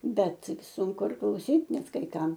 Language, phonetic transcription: Lithuanian, ˈbet sunˈku ir klauˈsyt ˈnet kai ˈkam

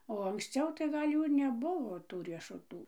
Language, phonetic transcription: Lithuanian, o anksˈciau tai ˈgal' ˈjų ir neˈbuvo ˈtų riešuˈtų

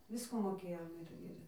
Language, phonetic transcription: Lithuanian, ˈvisko moˈkėjom ˈir ˈir

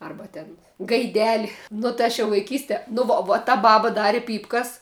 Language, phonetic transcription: Lithuanian, ˈarba ten gaiˈdeli nu tai ˈaš jau vaiˈkyste nu ˈvo vo o ta ˈbaba ˈdari ˈpypkas

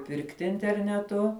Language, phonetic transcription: Lithuanian, ˈpirkti interneˈtu

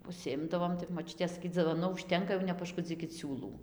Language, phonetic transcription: Lithuanian, užsiˈimdavom tai moˈčiutė saˈkyt dzivoˈnu užˈtenka jau nepašˈkudzykit ˈsiūlų

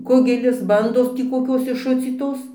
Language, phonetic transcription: Lithuanian, ˈkugelis ˈbandos tį koˈkios išˈšucytos tį koˈkios išˈšucytos

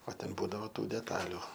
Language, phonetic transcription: Lithuanian, o ˈten ˈbūdavo ˈtų deˈtaliu

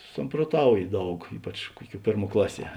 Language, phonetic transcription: Lithuanian, samproˈtauji ˈdaug ˈypač ˈkuoˌkiuo ˈpėrˌmuo ˈklaˌsie

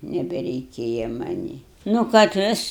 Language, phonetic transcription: Lithuanian, nebereiˈkėja maˈnį nu kad ˈvis

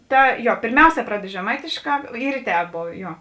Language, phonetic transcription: Lithuanian, ˈta ˈjo pėrˈmiauˌsē ˈpraded žeˈmaitėšˌkā ˈyr i tēp ˈbovė ˈjo

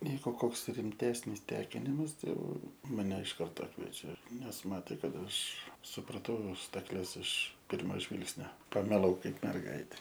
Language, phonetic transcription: Lithuanian, ˈvyko ˈkoks rimˈtesnis ˈtekinimas ˈtai ˈjau maˈne iš ˈkarto ˈkviečia nes ˈmatė ˈkad ˈaš supraˈtau stakˈles iš ˈpirmo ˈžvilgsnio pamiˈlau ˈkaip merˈgaite

